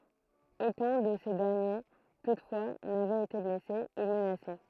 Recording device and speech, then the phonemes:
throat microphone, read sentence
okœ̃ də se dɛʁnje tutfwa navɛt ete blɛse u mənase

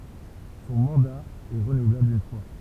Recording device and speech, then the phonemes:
temple vibration pickup, read sentence
sɔ̃ mɑ̃da ɛ ʁənuvlabl yn fwa

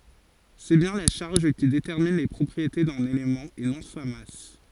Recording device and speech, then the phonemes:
forehead accelerometer, read sentence
sɛ bjɛ̃ la ʃaʁʒ ki detɛʁmin le pʁɔpʁiete dœ̃n elemɑ̃ e nɔ̃ sa mas

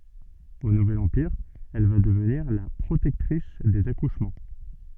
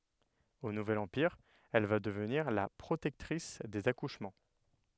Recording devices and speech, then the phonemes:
soft in-ear microphone, headset microphone, read sentence
o nuvɛl ɑ̃piʁ ɛl va dəvniʁ la pʁotɛktʁis dez akuʃmɑ̃

